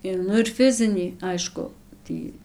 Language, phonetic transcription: Lithuanian, i ˈnu ir ˈfizinį ˈaišku ˈtį

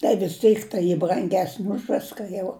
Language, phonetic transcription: Lithuanian, tai vis ˈtyk tai ˈy branˈgesni už ˈviska jau

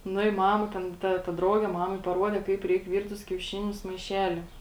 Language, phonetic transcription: Lithuanian, ˈnu i ˈmama ˈten ta ta ˈdrauge ˈmamai paˈruode ˈkaip ˈreik ˈvyrt tus kiauˈšinius maiˈšeli

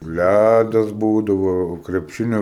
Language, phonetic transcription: Lithuanian, ˈlædas ˈbūdavo krepˈšinio

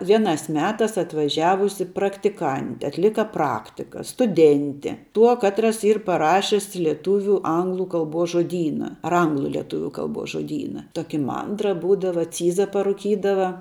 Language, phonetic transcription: Lithuanian, ˈvienās ˈmetās atvaˈžiavusi praktiˈkanti atˈlika ˈpraktika stuˈdenti ˈtuo ˈkatras ˈyr paˈrašis lieˈtūviu ˈanglu ˈkalbos žoˈdyna ar ˈanglu lieˈtuviu ˈkalbos žoˈdyna ˈtoki ˈmandra ˈbūdava ˈcyza paruˈkydava

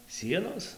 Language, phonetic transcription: Lithuanian, ˈsienos

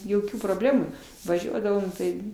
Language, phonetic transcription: Lithuanian, joˈkių proˈblemų vaˈžiuodavom tai

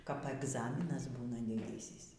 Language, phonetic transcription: Lithuanian, kap egˈzaminas ˈbūna diˈdysys

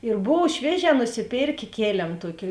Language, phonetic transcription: Lithuanian, ir ˈbov ˈšvieˌžē nusiˈpėrkė ˈkėlėm ˈtuoki

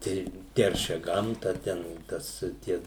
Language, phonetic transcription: Lithuanian, ˈtei ˈteršia ˈgamta ˈten ˈtas ˈtie

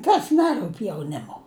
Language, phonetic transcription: Lithuanian, ˈkas ˈnerup' jauˈnimu

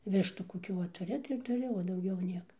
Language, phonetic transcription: Lithuanian, ˈvištų koˈkių va tuˈri tai ir tuˈri o dauˈgiau ˈnieka

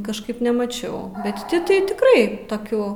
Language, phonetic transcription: Lithuanian, kažˈkaip nemaˈčiau bet ˈti tai tikˈrai toˈkių

